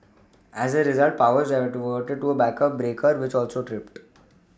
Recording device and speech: standing microphone (AKG C214), read sentence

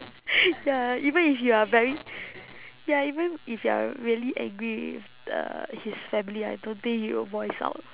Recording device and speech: telephone, conversation in separate rooms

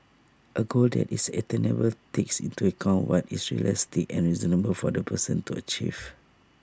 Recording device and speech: standing microphone (AKG C214), read sentence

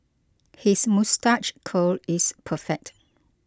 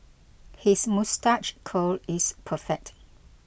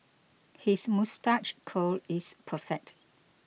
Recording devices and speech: close-talking microphone (WH20), boundary microphone (BM630), mobile phone (iPhone 6), read sentence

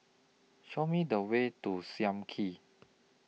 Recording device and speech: mobile phone (iPhone 6), read sentence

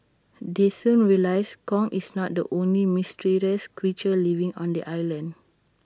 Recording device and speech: standing microphone (AKG C214), read sentence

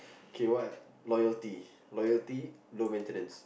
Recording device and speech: boundary microphone, conversation in the same room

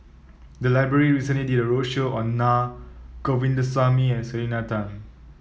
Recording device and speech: mobile phone (iPhone 7), read sentence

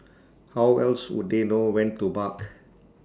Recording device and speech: standing microphone (AKG C214), read sentence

